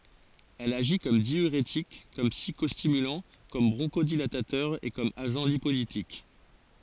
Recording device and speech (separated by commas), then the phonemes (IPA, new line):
forehead accelerometer, read sentence
ɛl aʒi kɔm djyʁetik kɔm psikɔstimylɑ̃ kɔm bʁɔ̃ʃodilatatœʁ e kɔm aʒɑ̃ lipolitik